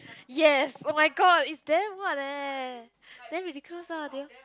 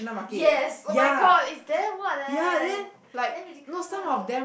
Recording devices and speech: close-talking microphone, boundary microphone, conversation in the same room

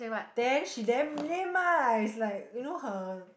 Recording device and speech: boundary microphone, conversation in the same room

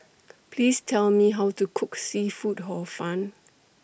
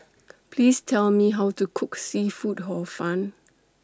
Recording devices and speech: boundary microphone (BM630), standing microphone (AKG C214), read sentence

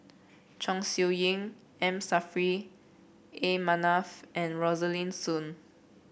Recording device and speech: boundary microphone (BM630), read sentence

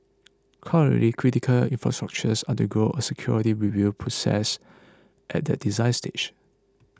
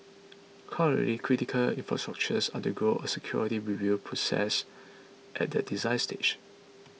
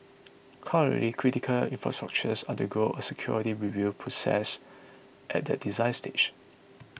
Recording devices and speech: close-talking microphone (WH20), mobile phone (iPhone 6), boundary microphone (BM630), read sentence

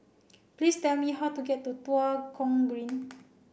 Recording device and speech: boundary microphone (BM630), read sentence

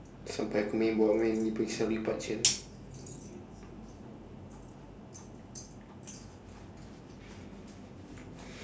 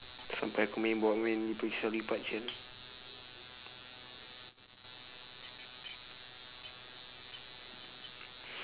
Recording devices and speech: standing microphone, telephone, conversation in separate rooms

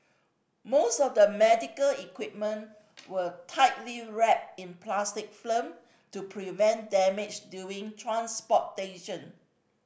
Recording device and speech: boundary microphone (BM630), read sentence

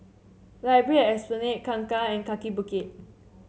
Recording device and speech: mobile phone (Samsung C7), read sentence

